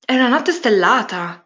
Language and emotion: Italian, surprised